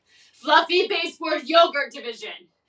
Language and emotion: English, angry